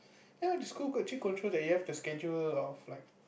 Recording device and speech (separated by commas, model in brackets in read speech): boundary microphone, conversation in the same room